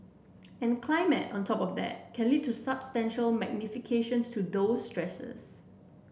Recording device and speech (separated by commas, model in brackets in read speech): boundary microphone (BM630), read sentence